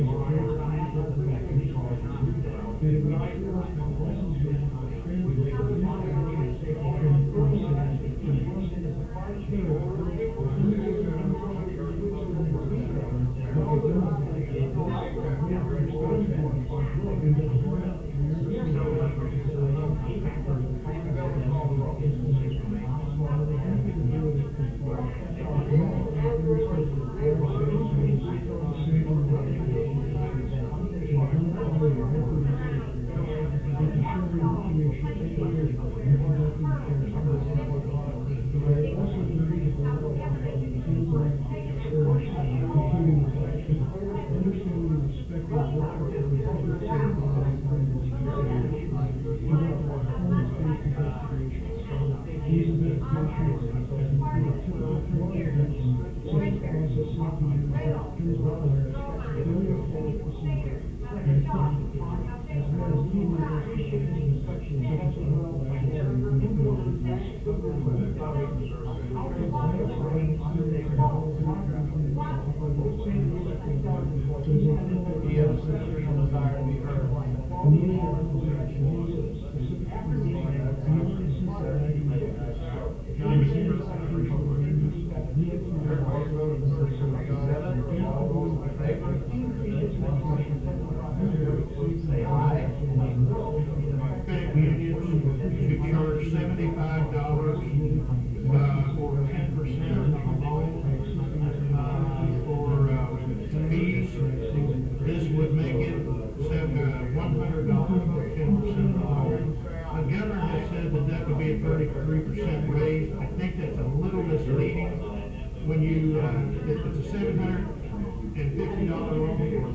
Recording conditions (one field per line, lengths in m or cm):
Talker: no one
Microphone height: 30 cm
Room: large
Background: babble